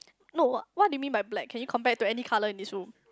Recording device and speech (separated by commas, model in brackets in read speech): close-talking microphone, conversation in the same room